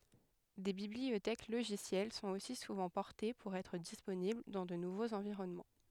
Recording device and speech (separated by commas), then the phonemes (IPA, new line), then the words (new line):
headset microphone, read sentence
de bibliotɛk loʒisjɛl sɔ̃t osi suvɑ̃ pɔʁte puʁ ɛtʁ disponibl dɑ̃ də nuvoz ɑ̃viʁɔnmɑ̃
Des bibliothèques logicielles sont aussi souvent portées pour être disponibles dans de nouveaux environnements.